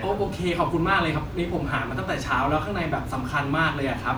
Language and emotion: Thai, happy